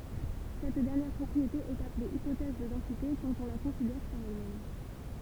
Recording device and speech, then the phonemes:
temple vibration pickup, read sentence
sɛt dɛʁnjɛʁ pʁɔpʁiete ɛt aple ipotɛz də dɑ̃site kɑ̃t ɔ̃ la kɔ̃sidɛʁ paʁ ɛl mɛm

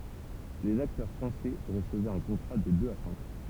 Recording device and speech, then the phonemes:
temple vibration pickup, read sentence
lez aktœʁ fʁɑ̃sɛ ʁəsəvɛt œ̃ kɔ̃tʁa də døz a sɛ̃k ɑ̃

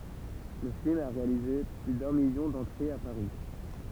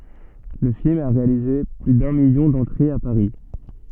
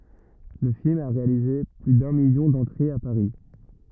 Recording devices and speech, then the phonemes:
temple vibration pickup, soft in-ear microphone, rigid in-ear microphone, read sentence
lə film a ʁealize ply dœ̃ miljɔ̃ dɑ̃tʁez a paʁi

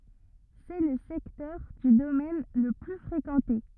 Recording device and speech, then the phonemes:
rigid in-ear microphone, read sentence
sɛ lə sɛktœʁ dy domɛn lə ply fʁekɑ̃te

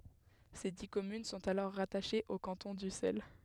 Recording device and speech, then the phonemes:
headset microphone, read sentence
se di kɔmyn sɔ̃t alɔʁ ʁataʃez o kɑ̃tɔ̃ dysɛl

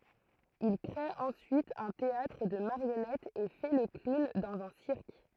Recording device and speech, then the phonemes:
throat microphone, read sentence
il kʁe ɑ̃syit œ̃ teatʁ də maʁjɔnɛtz e fɛ lə klun dɑ̃z œ̃ siʁk

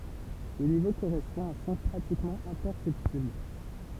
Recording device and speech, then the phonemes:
temple vibration pickup, read sentence
lə nivo koʁɛspɔ̃ a œ̃ sɔ̃ pʁatikmɑ̃ ɛ̃pɛʁsɛptibl

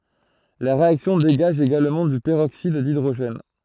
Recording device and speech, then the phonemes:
throat microphone, read sentence
la ʁeaksjɔ̃ deɡaʒ eɡalmɑ̃ dy pəʁoksid didʁoʒɛn

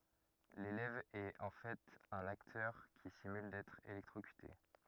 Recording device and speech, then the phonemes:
rigid in-ear microphone, read sentence
lelɛv ɛt ɑ̃ fɛt œ̃n aktœʁ ki simyl dɛtʁ elɛktʁokyte

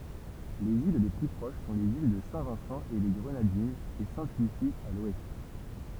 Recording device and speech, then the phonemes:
temple vibration pickup, read sentence
lez il le ply pʁoʃ sɔ̃ lez il də sɛ̃vɛ̃sɑ̃eleɡʁənadinz e sɛ̃tlysi a lwɛst

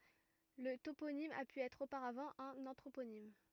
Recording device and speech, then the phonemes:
rigid in-ear microphone, read sentence
lə toponim a py ɛtʁ opaʁavɑ̃ œ̃n ɑ̃tʁoponim

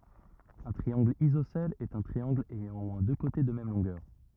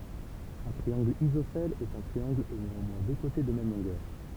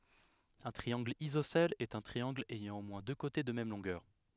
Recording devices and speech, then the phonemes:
rigid in-ear microphone, temple vibration pickup, headset microphone, read sentence
œ̃ tʁiɑ̃ɡl izosɛl ɛt œ̃ tʁiɑ̃ɡl ɛjɑ̃ o mwɛ̃ dø kote də mɛm lɔ̃ɡœʁ

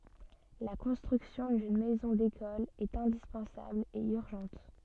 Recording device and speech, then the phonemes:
soft in-ear microphone, read sentence
la kɔ̃stʁyksjɔ̃ dyn mɛzɔ̃ dekɔl ɛt ɛ̃dispɑ̃sabl e yʁʒɑ̃t

